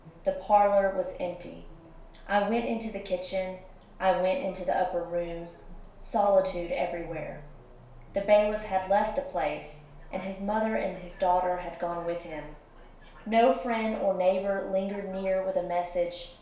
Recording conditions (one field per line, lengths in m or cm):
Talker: one person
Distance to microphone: 1.0 m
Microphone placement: close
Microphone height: 1.1 m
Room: small (3.7 m by 2.7 m)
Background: television